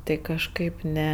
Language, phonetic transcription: Lithuanian, ˈtai kažˈkaip ˈne

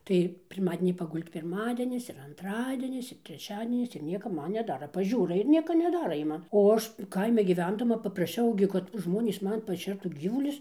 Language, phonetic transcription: Lithuanian, tai pirˈmadenį paˈgul'd' pirˈmadenis ir anˈtradienis ir treˈčiadienis ir ˈnieka ˈman neˈdara paˈžiūra ir ˈnieka neˈdara ˈjie ˈman o ˈaš ˈkaimi gyˈvendama papraˈšiau gi kad ˈžmonys ˈman paˈšertų ˈgyvulius

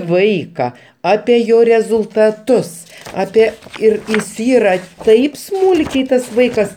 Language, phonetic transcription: Lithuanian, ˈvaika ˈape ˈjo rezultaˈtus ˈape ˈir is ˈyra ˈtaip ˈsmūlkiai ˈtas ˈvaikas

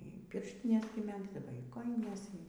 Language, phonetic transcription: Lithuanian, y ˈpirštines gi ˈmegzdavo y ˈkojines

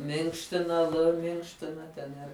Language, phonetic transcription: Lithuanian, ˈminkština l ˈminkština ˈten ir

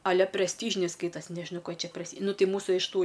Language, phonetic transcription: Lithuanian, a ˈle presˈtyžiniai ˈskaitas' nežiˈnau ˈko jie ˈčia presˈty ˈnu ˈti ˈmūsu iš ˈtų

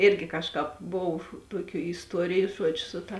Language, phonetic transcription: Lithuanian, ˈirgi ˈkažˌkāp ˈbov ˈtuoˌkių isˈtuoriju ˈžuodžiu ˈsu ta

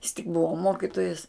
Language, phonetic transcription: Lithuanian, jis tik ˈbuvo ˈmokitojas

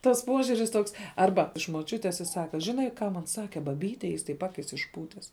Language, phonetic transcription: Lithuanian, tas ˈpuožiuris ˈtoks ˈarba iš moˈčiutės i ˈsaka ˈžinai ˈką man ˈsake baˈbyte ˈjis taip ˈakis išˈpūtes

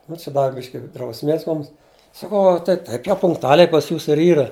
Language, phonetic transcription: Lithuanian, nu či ˈdavi ˈbiški drausˈmės ˈmums saˈkau a tai ˈtaip jau punktuˈaliai pas ˈjūsu ir ˈyra

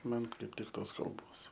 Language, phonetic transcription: Lithuanian, ˈman kaip ˈtik ˈtos kalˈbos

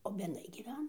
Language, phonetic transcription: Lithuanian, o bedˈnai gyˈvena

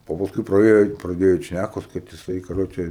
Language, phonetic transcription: Lithuanian, o pasˈkui praˈėjo praˈdėjo ˈeit ˈšnækos kad jiˈsai kaˈroče

